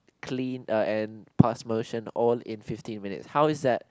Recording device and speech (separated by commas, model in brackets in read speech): close-talking microphone, conversation in the same room